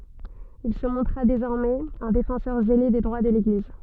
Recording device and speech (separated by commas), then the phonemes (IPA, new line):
soft in-ear microphone, read sentence
il sə mɔ̃tʁa dezɔʁmɛz œ̃ defɑ̃sœʁ zele de dʁwa də leɡliz